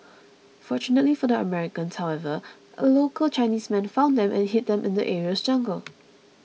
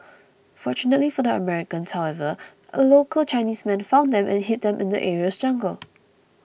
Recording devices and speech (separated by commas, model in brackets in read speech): mobile phone (iPhone 6), boundary microphone (BM630), read sentence